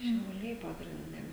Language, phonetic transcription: Lithuanian, šiauˈliai pagrinˈde

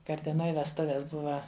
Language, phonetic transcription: Lithuanian, karteˈnoj vesˈtuves ˈbuva

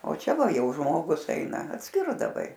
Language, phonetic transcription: Lithuanian, o ˈčia ˈva ˈjau ˈžmogus ˈeina atˈskirdavai

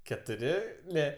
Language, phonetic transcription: Lithuanian, ketuˈri ˈne

